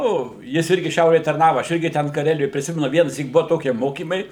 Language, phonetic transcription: Lithuanian, ˈnu jis ˈirgi ˈšiaurėj tarˈnava ˈaš ˈirgi ten kaˈrelijoj priˈsimenu ˈvienasyk ˈbuo ˈtokie ˈmokymai

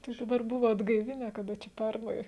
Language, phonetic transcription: Lithuanian, tai daˈbar ˈbuvo atgaiˈvinę kaˈda čia ˈpernai

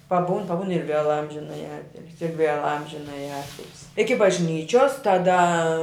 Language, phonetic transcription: Lithuanian, paˈbūn paˈbūn ir vėl ˈamžinaji ˈatilsi ir vėl ˈamžinaji ˈatilsi iki bažˈnyčios taˈda

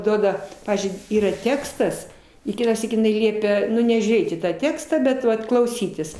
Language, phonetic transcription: Lithuanian, ˈduoda ˈpavyzdžiui ˈyra ˈtekstas i ˈkitąˌsyk jiˈnai ˈliepia ˈnu nežiūˈrėt į tą ˈtekstą bet ˈvat klauˈsytis

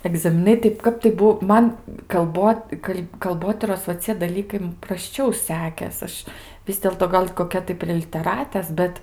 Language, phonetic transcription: Lithuanian, egzamiˈnai tai ˈkap tai ˈbuo ˈman kalˈbot ˈkal' kalˈbotyros va ˈcie daˈlykai m prasˈčiau ˈsekės ˈaš ˈvis dėlto ˈgal' koˈkia tai prie liteˈratės ˈbet

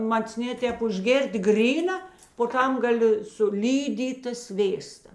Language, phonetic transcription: Lithuanian, macˈnė ˈtēp užˈgėr't' ˈgryna po ˈtam gaˈli su ˈlydyta ˈsvėsta

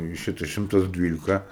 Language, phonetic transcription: Lithuanian, i ˈšita ˈšimtas ˈdvylika

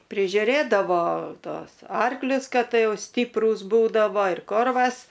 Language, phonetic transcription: Lithuanian, prižiuˈrėdavo ˈtuos ˈarklius ˈkad ˈjau ˈstiprūs ˈbūdavo ir ˈkorvas

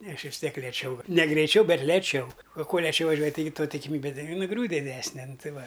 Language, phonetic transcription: Lithuanian, ˈne ˈaš vis ˈtiek lieˈčiau ne greiˈčiau ˈbet leˈčiau ˈkuo leˈčiau vaˈžiuoji taiˈgi ˈtuo tikiˈmybe ti nuˈgriūt' diˈdesne ˈnu ˈtai ˈva

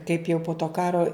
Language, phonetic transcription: Lithuanian, kaip jau po to ˈkaro

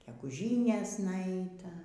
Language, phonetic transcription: Lithuanian, geguˈžynėsna ˈaita

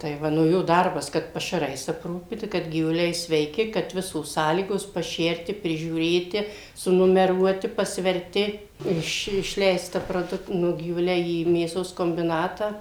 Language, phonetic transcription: Lithuanian, tai ˈva nu ˈjo ˈdarbas ˈkad pašaˈrais apˈrūpyta kad gyvuˈliai sveiˈki kad ˈvisos ˈsąlygos paˈšerti prižiūˈrėti sunumeˈruoti pasverˈti iš išˈleista proˈduk ˈnu gyvuˈliai į mėˈsos kombiˈnatą

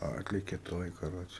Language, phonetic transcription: Lithuanian, ˈatlėke ˈtoj kaˈroče

